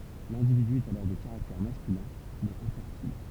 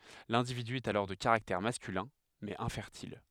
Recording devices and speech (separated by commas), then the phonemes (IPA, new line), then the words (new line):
temple vibration pickup, headset microphone, read sentence
lɛ̃dividy ɛt alɔʁ də kaʁaktɛʁ maskylɛ̃ mɛz ɛ̃fɛʁtil
L'individu est alors de caractère masculin, mais infertile.